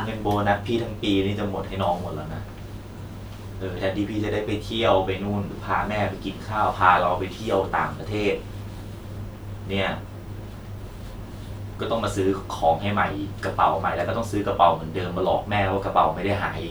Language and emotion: Thai, frustrated